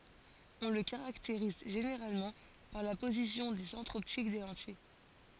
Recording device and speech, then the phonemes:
forehead accelerometer, read sentence
ɔ̃ lə kaʁakteʁiz ʒeneʁalmɑ̃ paʁ la pozisjɔ̃ de sɑ̃tʁz ɔptik de lɑ̃tij

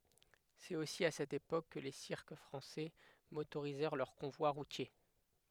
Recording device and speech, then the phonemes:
headset microphone, read sentence
sɛt osi a sɛt epok kə le siʁk fʁɑ̃sɛ motoʁizɛʁ lœʁ kɔ̃vwa ʁutje

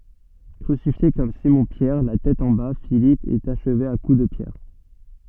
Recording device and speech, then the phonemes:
soft in-ear microphone, read sentence
kʁysifje kɔm simɔ̃pjɛʁ la tɛt ɑ̃ ba filip ɛt aʃve a ku də pjɛʁ

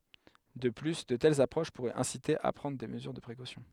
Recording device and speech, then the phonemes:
headset microphone, read sentence
də ply də tɛlz apʁoʃ puʁɛt ɛ̃site a pʁɑ̃dʁ de məzyʁ də pʁekosjɔ̃

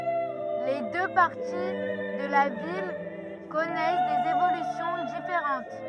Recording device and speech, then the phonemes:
rigid in-ear microphone, read sentence
le dø paʁti də la vil kɔnɛs dez evolysjɔ̃ difeʁɑ̃t

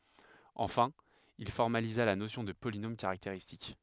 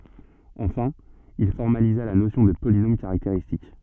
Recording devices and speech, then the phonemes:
headset microphone, soft in-ear microphone, read sentence
ɑ̃fɛ̃ il fɔʁmaliza la nosjɔ̃ də polinom kaʁakteʁistik

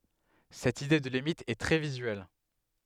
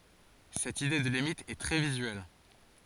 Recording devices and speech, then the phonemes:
headset microphone, forehead accelerometer, read sentence
sɛt ide də limit ɛ tʁɛ vizyɛl

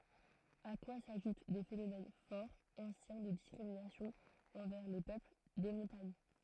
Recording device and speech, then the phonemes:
throat microphone, read sentence
a kwa saʒut de fenomɛn fɔʁ ɑ̃sjɛ̃ də diskʁiminasjɔ̃z ɑ̃vɛʁ le pøpl de mɔ̃taɲ

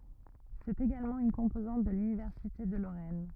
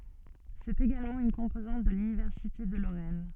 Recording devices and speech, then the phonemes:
rigid in-ear microphone, soft in-ear microphone, read sentence
sɛt eɡalmɑ̃ yn kɔ̃pozɑ̃t də lynivɛʁsite də loʁɛn

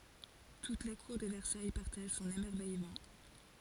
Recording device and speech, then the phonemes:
forehead accelerometer, read sentence
tut la kuʁ də vɛʁsaj paʁtaʒ sɔ̃n emɛʁvɛjmɑ̃

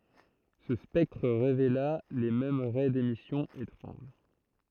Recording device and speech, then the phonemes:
throat microphone, read sentence
sə spɛktʁ ʁevela le mɛm ʁɛ demisjɔ̃ etʁɑ̃ʒ

